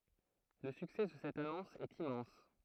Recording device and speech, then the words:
throat microphone, read sentence
Le succès de cette annonce est immense.

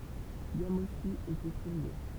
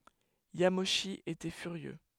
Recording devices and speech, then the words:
temple vibration pickup, headset microphone, read sentence
Yamauchi était furieux.

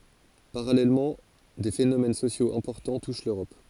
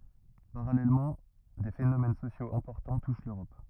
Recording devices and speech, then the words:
forehead accelerometer, rigid in-ear microphone, read sentence
Parallèlement, des phénomènes sociaux importants touchent l'Europe.

